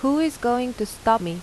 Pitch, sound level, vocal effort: 240 Hz, 86 dB SPL, normal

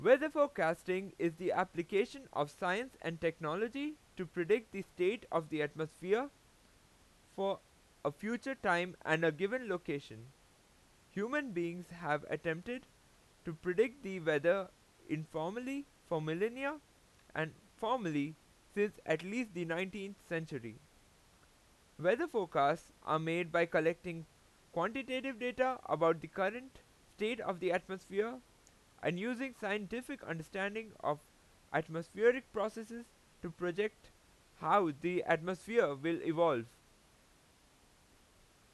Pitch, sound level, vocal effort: 180 Hz, 93 dB SPL, very loud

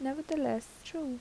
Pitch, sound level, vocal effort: 275 Hz, 77 dB SPL, soft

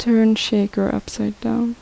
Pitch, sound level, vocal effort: 215 Hz, 74 dB SPL, soft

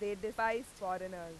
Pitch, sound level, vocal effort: 205 Hz, 94 dB SPL, very loud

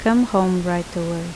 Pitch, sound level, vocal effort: 180 Hz, 78 dB SPL, normal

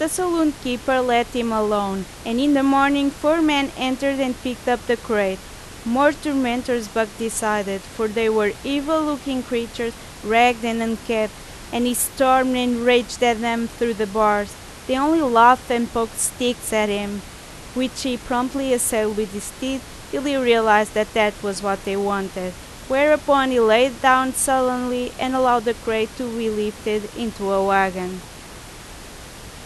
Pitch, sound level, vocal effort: 235 Hz, 88 dB SPL, very loud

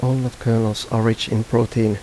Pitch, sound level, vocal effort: 115 Hz, 80 dB SPL, soft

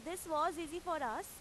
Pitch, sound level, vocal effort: 335 Hz, 94 dB SPL, loud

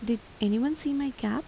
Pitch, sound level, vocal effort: 245 Hz, 79 dB SPL, soft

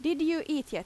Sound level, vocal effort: 89 dB SPL, very loud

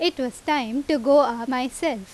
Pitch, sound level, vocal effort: 275 Hz, 87 dB SPL, loud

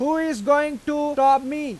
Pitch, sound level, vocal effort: 290 Hz, 99 dB SPL, loud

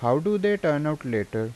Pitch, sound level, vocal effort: 140 Hz, 86 dB SPL, normal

